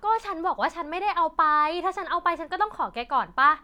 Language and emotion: Thai, angry